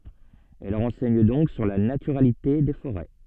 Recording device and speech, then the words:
soft in-ear microphone, read sentence
Elles renseignent donc sur la naturalité des forêts.

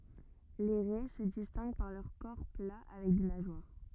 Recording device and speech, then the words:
rigid in-ear microphone, read sentence
Les raies se distinguent par leur corps plat avec des nageoires.

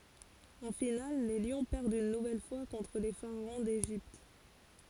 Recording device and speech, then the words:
forehead accelerometer, read sentence
En finale les Lions perdent une nouvelle fois contre les Pharaons d'Égypte.

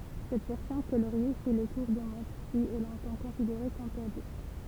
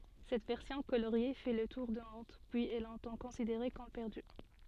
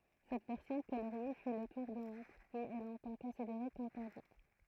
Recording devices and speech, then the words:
temple vibration pickup, soft in-ear microphone, throat microphone, read sentence
Cette version coloriée fait le tour du monde, puis est longtemps considérée comme perdue.

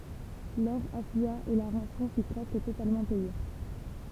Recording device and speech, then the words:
temple vibration pickup, read sentence
L'or afflua et la rançon fut presque totalement payée.

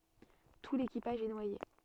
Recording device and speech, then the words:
soft in-ear microphone, read sentence
Tout l'équipage est noyé.

